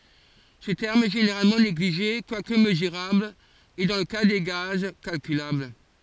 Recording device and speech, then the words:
forehead accelerometer, read sentence
Ce terme est généralement négligé quoique mesurable et, dans le cas des gaz, calculable.

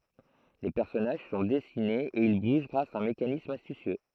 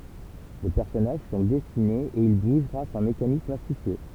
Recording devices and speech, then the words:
throat microphone, temple vibration pickup, read sentence
Les personnages sont dessinés et ils bougent grâce à un mécanisme astucieux.

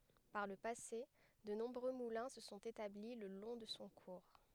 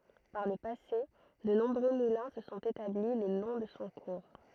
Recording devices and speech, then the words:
headset microphone, throat microphone, read sentence
Par le passé, de nombreux moulins se sont établis le long de son cours.

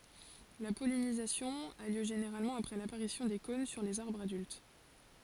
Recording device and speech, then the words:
forehead accelerometer, read sentence
La pollinisation a lieu généralement après l'apparition des cônes sur les arbres adultes.

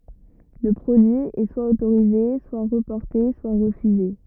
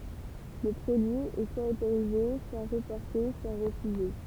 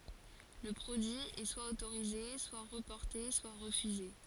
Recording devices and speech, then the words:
rigid in-ear microphone, temple vibration pickup, forehead accelerometer, read sentence
Le produit est soit autorisé, soit reporté, soit refusé.

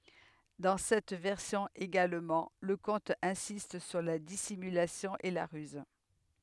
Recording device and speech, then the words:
headset microphone, read sentence
Dans cette version également, le conte insiste sur la dissimulation et la ruse.

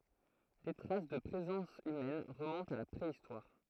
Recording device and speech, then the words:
throat microphone, read sentence
Des traces de présence humaines remontent à la préhistoire.

